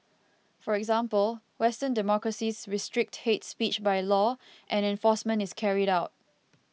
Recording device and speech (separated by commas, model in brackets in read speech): mobile phone (iPhone 6), read sentence